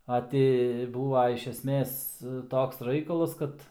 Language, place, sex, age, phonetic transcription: Lithuanian, Aukštaitija, male, 18-60, a ˈti ˈbūva iš esˈmės ˈtoks ˈraikalas ˈkad

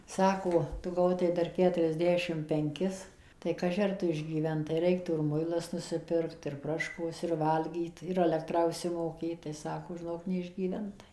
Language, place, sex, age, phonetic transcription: Lithuanian, Suvalkija, female, 60+, ˈsako ˈtu ˈgautai ˈdar ˌketuriasˈdešim penˈkis tai ˈkaži ar ˈtu išgyˈventai ˈreiktų ir ˈmuilas nusiˈpirkt ir ˈproškos ir ˈvalgyt ir aˈlektrą užsimoˈkėt tai ˈsako žiˈnok neišgyˈventai

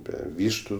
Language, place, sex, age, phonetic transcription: Lithuanian, Aukštaitija, male, 18-60, ˈbe ˈvyštu

